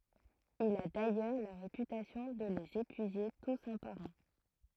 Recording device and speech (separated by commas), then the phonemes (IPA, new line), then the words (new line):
throat microphone, read sentence
il a dajœʁ la ʁepytasjɔ̃ də lez epyize tus œ̃ paʁ œ̃
Il a d'ailleurs la réputation de les épuiser tous un par un.